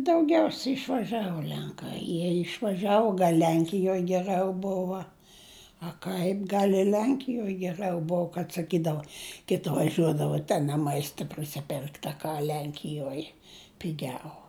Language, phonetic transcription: Lithuanian, dauˈgiausia išvaˈžiavo ˈlenkai ˈjie išvaˈžiavo ˈlenkijoj geˈrɨau ˈbova a ˈkaip ˈgal i ˈlenkijoj geˈrɨau ˈbov kad saˈkydavo ˈkiti vaˈžiuodava ten a ˈmaista prisiˈperkt a ˈka ˈlenkijuoj piˈgiau

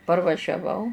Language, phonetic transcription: Lithuanian, parvažiaˈvau

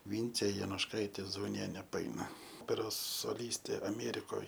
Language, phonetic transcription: Lithuanian, ˈvyncė jonušˈkaitė zauˈnienė paˈaina ˈoperos soˈlystė aˈmėrikoj

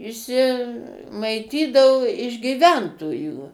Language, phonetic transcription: Lithuanian, išˈsi maiˈtydavo iš gyˈventojų

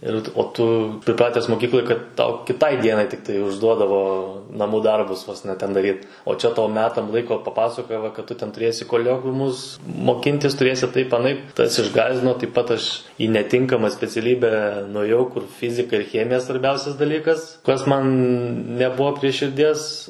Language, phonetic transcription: Lithuanian, ˈir o ˈtu priˈpratęs moˈkykloj kad ˈtau kiˈtai ˈdienai ˈtiktai užˈduodavo naˈmų ˈdarbus vos ne ˈten daˈryt o ˈčia ˈtau ˈmetam ˈlaiko paˈpasakoja ˈva kad ˈtu ten tuˈrėsi koˈliokviumus moˈkintis tuˈrėsi ˈtaip aˈnaip ˈtas išˈgąsdino taip pat ˈaš į neˈtinkama speciaˈlybe nuaˈjau kur ˈfizika ir ˈchemija svarˈbiausias daˈlykas kas ˈman neˈbua prie širˈdies

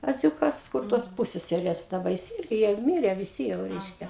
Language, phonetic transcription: Lithuanian, aˈdziūkas kur tos ˈpūsseserės daˈba ˈjis ˈirgi jau i ˈmire viˈsi jau ˈreiškia

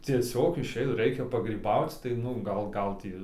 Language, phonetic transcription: Lithuanian, cieˈsiog iˈšeit ˈraikia pagryˈbauc tai ˈnu ˈgal ˈgal tį

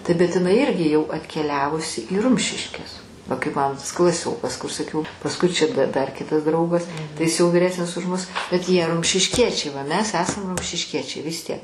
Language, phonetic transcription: Lithuanian, tai bet iˈnai ˈirgi jau atkeˈliavusi į ˈrumšiškes va kaip ˈmano tas klaˈsiokas kur saˈkiau pasˈkui čia d dar ˈkitas ˈdraugas tai ˈjis jau viˈresnis už ˈmus bet ˈjie rumšišˈkiečiai ˈva ˈmes ˈesam rumšišˈkiečiai vis ˈtiek

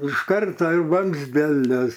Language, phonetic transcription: Lithuanian, iš ˈkarta jau vamzdeˈlius

